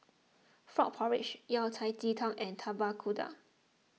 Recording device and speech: mobile phone (iPhone 6), read sentence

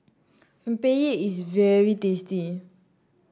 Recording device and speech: standing microphone (AKG C214), read sentence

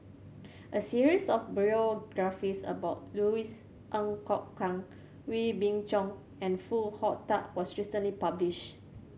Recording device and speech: mobile phone (Samsung C7100), read sentence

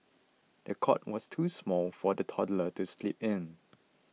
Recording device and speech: mobile phone (iPhone 6), read sentence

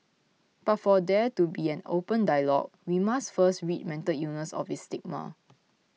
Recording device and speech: mobile phone (iPhone 6), read sentence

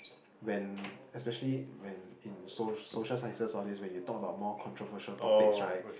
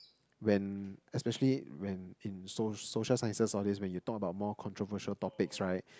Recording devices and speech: boundary microphone, close-talking microphone, conversation in the same room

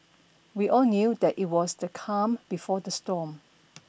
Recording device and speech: boundary microphone (BM630), read sentence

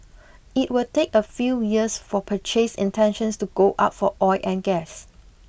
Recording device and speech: boundary microphone (BM630), read sentence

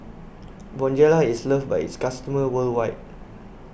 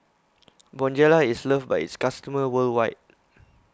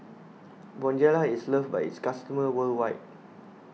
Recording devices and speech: boundary microphone (BM630), close-talking microphone (WH20), mobile phone (iPhone 6), read sentence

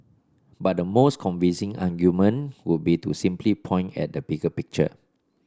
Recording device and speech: standing microphone (AKG C214), read sentence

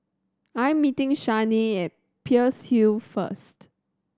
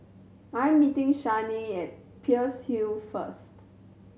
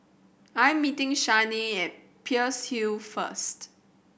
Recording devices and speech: standing microphone (AKG C214), mobile phone (Samsung C7100), boundary microphone (BM630), read sentence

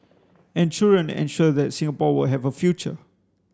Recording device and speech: standing microphone (AKG C214), read sentence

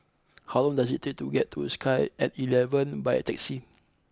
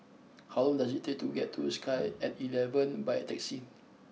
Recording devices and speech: close-talking microphone (WH20), mobile phone (iPhone 6), read sentence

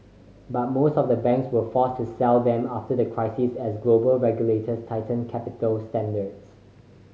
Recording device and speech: mobile phone (Samsung C5010), read sentence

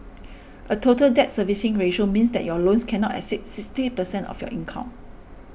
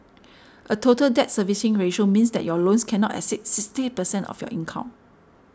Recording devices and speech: boundary microphone (BM630), standing microphone (AKG C214), read sentence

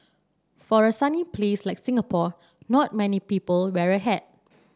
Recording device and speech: standing microphone (AKG C214), read sentence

